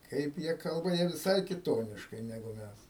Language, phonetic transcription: Lithuanian, ˈkaip jie ˈkalba jie viˈsai kiˈtoniškai neˈgu ˈmæs

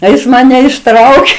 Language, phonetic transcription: Lithuanian, tai ˈjis maˈne išˈtraukė

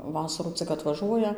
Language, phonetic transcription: Lithuanian, ˈvasarų ˈcik atvaˈžuoja

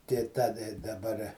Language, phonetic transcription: Lithuanian, tė ˈta daˈbar

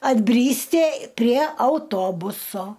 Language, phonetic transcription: Lithuanian, atˈbrysti prie auˈtobuso

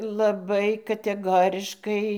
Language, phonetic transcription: Lithuanian, laˈbai kateˈgoriškai

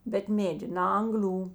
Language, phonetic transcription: Lithuanian, bet ˈmėdi na ˈangˌlių

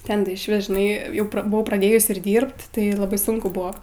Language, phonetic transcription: Lithuanian, ˈten tai išˈvis žiˈnai ˈjau buˈvau praˈdėjus ir ˈdyrbt ˈtai laˈbai ˈsunku ˈbuvo

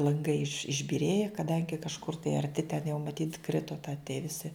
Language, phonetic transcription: Lithuanian, lanˈgai iš išbiˈrėje kaˈdangi kažˈkur tai arˈti ten jau maˈtyt ˈkrito ta tie viˈsi

